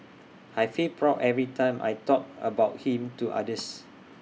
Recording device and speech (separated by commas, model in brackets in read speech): mobile phone (iPhone 6), read sentence